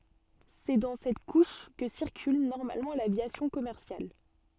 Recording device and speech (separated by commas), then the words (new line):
soft in-ear microphone, read sentence
C'est dans cette couche que circule normalement l'aviation commerciale.